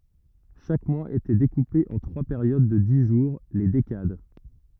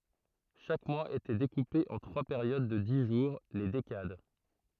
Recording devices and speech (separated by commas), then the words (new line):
rigid in-ear microphone, throat microphone, read sentence
Chaque mois était découpé en trois périodes de dix jours, les décades.